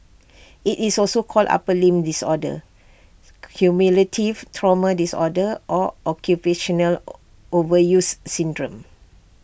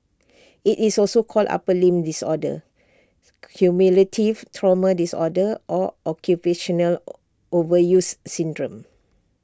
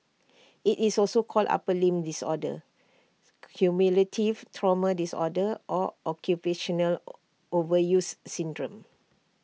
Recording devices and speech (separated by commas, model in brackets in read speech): boundary microphone (BM630), standing microphone (AKG C214), mobile phone (iPhone 6), read sentence